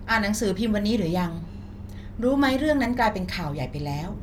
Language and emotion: Thai, neutral